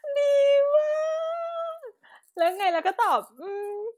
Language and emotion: Thai, happy